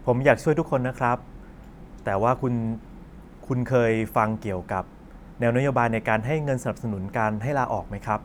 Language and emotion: Thai, neutral